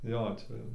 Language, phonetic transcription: Lithuanian, ˈjo ˈčia jau

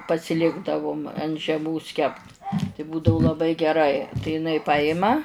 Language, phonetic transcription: Lithuanian, pasiˈlikdavum ant žeˈmos kept tai ˈbūdau laˈbai geˈrai tai iˈnai ˈpajima

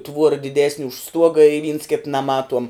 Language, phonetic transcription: Lithuanian, ˈtvuora diˈdesni už ˈstuoga i vyns kit naˈmatuom

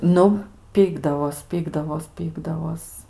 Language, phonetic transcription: Lithuanian, ˈnu ˈpykdavos ˈpykdavos ˈpykdavos

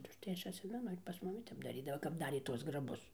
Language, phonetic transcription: Lithuanian, tai užˈtai ˈaš atˈsimenu ir pas ˈmumi ˈtep daˈrydavo kap ˈdarė ˈtuos graˈbus

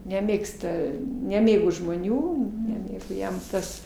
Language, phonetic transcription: Lithuanian, neˈmėgsta neˈmėgo žmoˈnių neˈmėgo ˈjam ˈtas

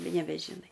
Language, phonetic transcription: Lithuanian, nebežiˈnai

